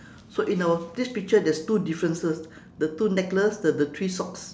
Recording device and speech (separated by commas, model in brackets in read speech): standing microphone, conversation in separate rooms